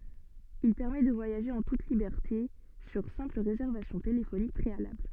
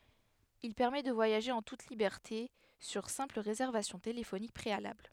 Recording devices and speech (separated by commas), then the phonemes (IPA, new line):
soft in-ear microphone, headset microphone, read sentence
il pɛʁmɛ də vwajaʒe ɑ̃ tut libɛʁte syʁ sɛ̃pl ʁezɛʁvasjɔ̃ telefonik pʁealabl